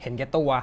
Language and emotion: Thai, angry